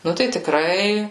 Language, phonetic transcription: Lithuanian, ˈnu tai tiˈkrai

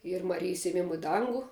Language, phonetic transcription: Lithuanian, ˈyr maˈrijis ėˈmimu i ˈdangu

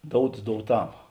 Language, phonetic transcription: Lithuanian, ˈdouts douˈtam

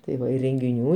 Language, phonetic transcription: Lithuanian, tai ˈva i rengiˈnių

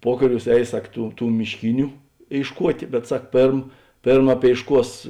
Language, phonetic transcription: Lithuanian, ˈpuokaˌriūs ˈeis ˈsak ˈtų ˈtų mišˈkiniu ėišˈkuotė bet ˈsak ˈpėrm ˈpėrm apėišˈkuos

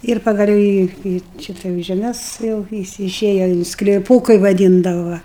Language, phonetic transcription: Lithuanian, ir pagaˈliau į į ˈšita jau žeˈmes jau viˈsi iˈšėja in skliˈpų kai vaˈdyndava ˈva

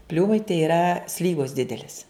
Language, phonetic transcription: Lithuanian, ˈpliūmai tai yˈra ˈslyvos ˈdidelis

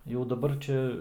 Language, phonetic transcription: Lithuanian, jau daˈbar ˈčia

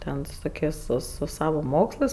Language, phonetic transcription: Lithuanian, ˈten su ˈtokės' su su ˈsavo ˈmokslɜs

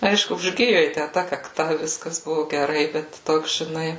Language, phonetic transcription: Lithuanian, ˈaišku užˈgiju jai ˈtæ ta kakˈta ˈviskas ˈbuvu geˈrai ˈbet ˈtoks žiˈnai

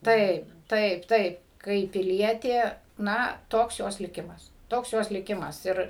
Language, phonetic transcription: Lithuanian, ˈtaip ˈtaip ˈtaip kaip piˈlietė ˈna ˈtoks ˈjos liˈkimas ˈtoks ˈjos liˈkimas ˈir

